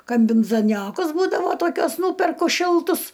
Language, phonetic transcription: Lithuanian, kambinzaˈniokus ˈbūdavo ˈtokiuos ˈnūperku ˈšiltus

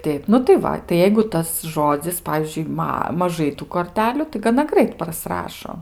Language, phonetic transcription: Lithuanian, ˈteip nu tai ˈva tai ˈjeigu ˈtas ˈžodzis ˈpavyzdžiui ˈma maˈžai ˈtų korˈteliu tai gaˈna ˈgrait praˈsrašo

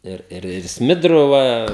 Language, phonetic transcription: Lithuanian, ˈir ir ir ˈsmidru ˈva

